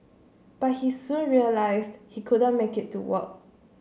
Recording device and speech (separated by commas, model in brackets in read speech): mobile phone (Samsung C7), read sentence